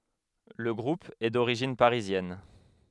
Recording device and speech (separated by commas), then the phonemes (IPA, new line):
headset microphone, read sentence
lə ɡʁup ɛ doʁiʒin paʁizjɛn